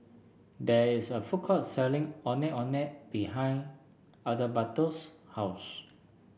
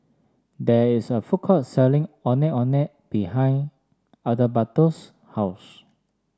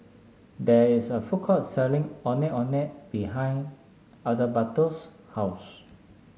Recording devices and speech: boundary microphone (BM630), standing microphone (AKG C214), mobile phone (Samsung S8), read sentence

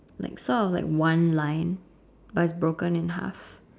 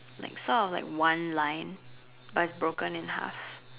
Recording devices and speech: standing microphone, telephone, conversation in separate rooms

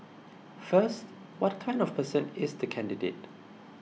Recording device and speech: mobile phone (iPhone 6), read sentence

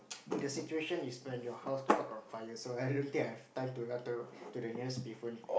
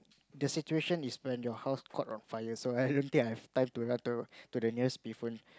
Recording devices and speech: boundary microphone, close-talking microphone, conversation in the same room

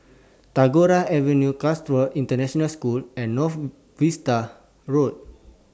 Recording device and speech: standing microphone (AKG C214), read sentence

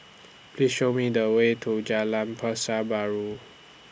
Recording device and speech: boundary microphone (BM630), read sentence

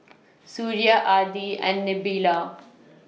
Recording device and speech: mobile phone (iPhone 6), read sentence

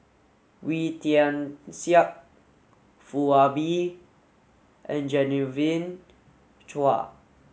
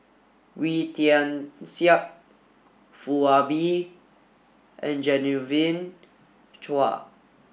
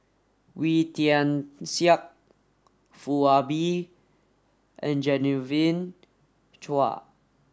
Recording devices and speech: mobile phone (Samsung S8), boundary microphone (BM630), standing microphone (AKG C214), read sentence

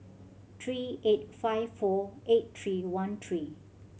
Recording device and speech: mobile phone (Samsung C7100), read sentence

